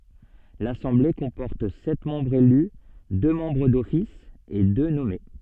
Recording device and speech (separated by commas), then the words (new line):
soft in-ear microphone, read sentence
L'assemblée comporte sept membres élus, deux membres d'office et deux nommés.